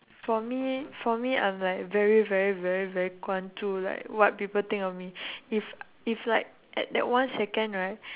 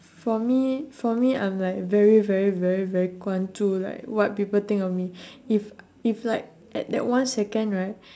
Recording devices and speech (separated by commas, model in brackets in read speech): telephone, standing microphone, conversation in separate rooms